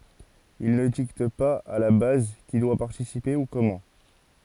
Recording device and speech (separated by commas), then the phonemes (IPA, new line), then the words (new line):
forehead accelerometer, read sentence
il nə dikt paz a la baz ki dwa paʁtisipe u kɔmɑ̃
Ils ne dictent pas à la base qui doit participer ou comment.